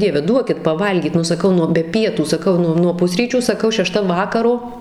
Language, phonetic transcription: Lithuanian, ˈdieve ˈduokit paˈvalgyt nu saˈkau nu be ˈpietų saˈkau ˈnu nuo ˈpusryčių saˈkau šeˈšta ˈvakaro

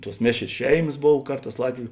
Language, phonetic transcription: Lithuanian, tuos ˈmėšrės ˈšeimas ˈbov ˈkarˌtās ˈlatviu

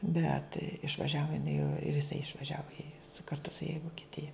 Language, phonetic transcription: Lithuanian, ˈbet išvaˈžiavo jiˈnai o ir jiˈsai išvaˈžiavo i su karˈtu su ja i vokiˈtija

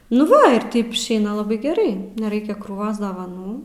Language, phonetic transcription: Lithuanian, nu ˈva ir ˈtaip išˈeina laˈbai geˈrai neˈraikia krūˈvos davaˈnų

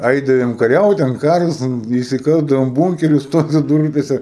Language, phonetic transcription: Lithuanian, ˈaidavom kaˈriaut ten ˈkaras ˈten įsiˈkasdavom ˈbūnkerius ˈtose ˈdūrpėse

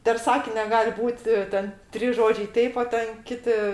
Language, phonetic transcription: Lithuanian, per ˈsakinia ˈgal' ˈbūt' ˈten trys ˈžodžiai ˈteip o ˈten ˈkiti

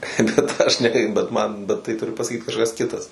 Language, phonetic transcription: Lithuanian, bet ˈaš ne ˈkai bet ˈman bet ˈtai ˈturi pasaˈkyt kažˈkas ˈkitas

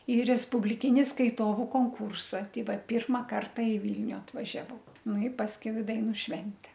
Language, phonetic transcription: Lithuanian, į respubliˈkini skaiˈtovu konˈkūrsa ˈtei ˈvat ˈpyrma ˈkarta i ˈvylniu atvažiaˈvau ˈnu i pasˈkiau i ˈdainu ˈšvente

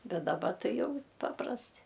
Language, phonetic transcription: Lithuanian, ˈbet daˈba ˈtai ˈjau ˈpaprasti

